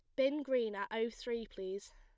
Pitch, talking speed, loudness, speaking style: 230 Hz, 205 wpm, -38 LUFS, plain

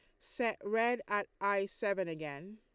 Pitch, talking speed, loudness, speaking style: 200 Hz, 155 wpm, -35 LUFS, Lombard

